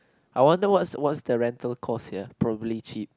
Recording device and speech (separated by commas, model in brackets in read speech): close-talking microphone, conversation in the same room